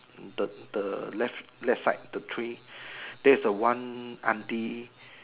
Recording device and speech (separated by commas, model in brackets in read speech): telephone, conversation in separate rooms